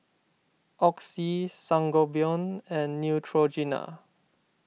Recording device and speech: mobile phone (iPhone 6), read sentence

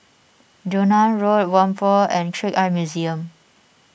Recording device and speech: boundary microphone (BM630), read sentence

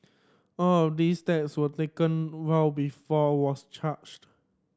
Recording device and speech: standing microphone (AKG C214), read sentence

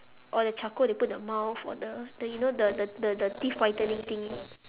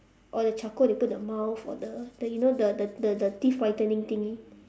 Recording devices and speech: telephone, standing microphone, conversation in separate rooms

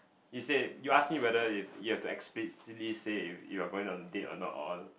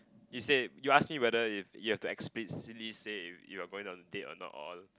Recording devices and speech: boundary microphone, close-talking microphone, conversation in the same room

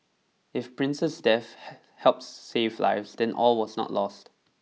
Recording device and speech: mobile phone (iPhone 6), read sentence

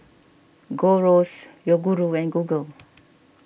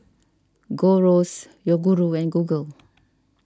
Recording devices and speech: boundary microphone (BM630), standing microphone (AKG C214), read sentence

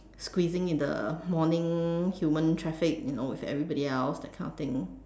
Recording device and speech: standing microphone, conversation in separate rooms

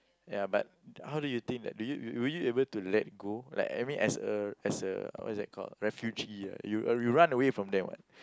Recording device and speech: close-talking microphone, conversation in the same room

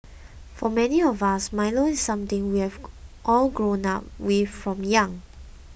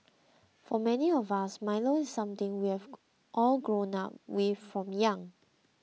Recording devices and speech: boundary microphone (BM630), mobile phone (iPhone 6), read sentence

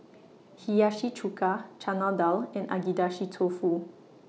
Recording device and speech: mobile phone (iPhone 6), read sentence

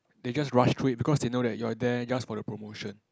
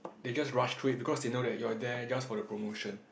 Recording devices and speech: close-talking microphone, boundary microphone, conversation in the same room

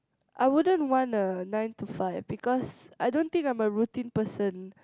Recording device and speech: close-talking microphone, conversation in the same room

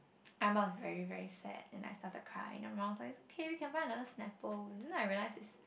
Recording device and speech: boundary microphone, conversation in the same room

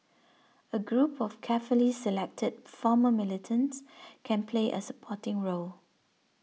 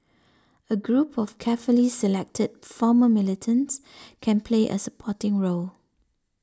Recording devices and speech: mobile phone (iPhone 6), standing microphone (AKG C214), read sentence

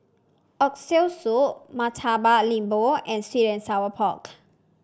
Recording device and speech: standing microphone (AKG C214), read sentence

